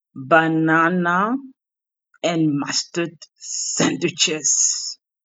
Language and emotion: English, disgusted